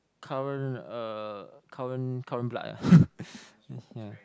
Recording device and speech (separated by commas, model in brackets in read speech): close-talking microphone, conversation in the same room